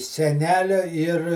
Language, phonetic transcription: Lithuanian, seˈnelio ir

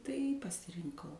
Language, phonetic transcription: Lithuanian, tai pasirinˈkau

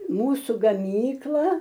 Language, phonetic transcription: Lithuanian, ˈmūsu gaˈmykla

